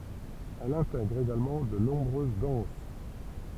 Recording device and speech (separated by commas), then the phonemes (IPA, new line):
temple vibration pickup, read sentence
ɛl ɛ̃tɛɡʁ eɡalmɑ̃ də nɔ̃bʁøz dɑ̃s